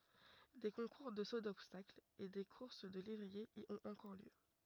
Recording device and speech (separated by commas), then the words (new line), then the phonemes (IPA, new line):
rigid in-ear microphone, read sentence
Des concours de saut d'obstacle et des courses de lévriers y ont encore lieu.
de kɔ̃kuʁ də so dɔbstakl e de kuʁs də levʁiez i ɔ̃t ɑ̃kɔʁ ljø